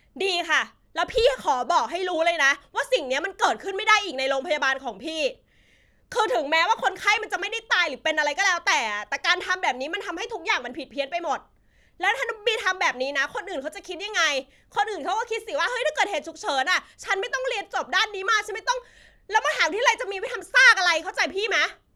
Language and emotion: Thai, angry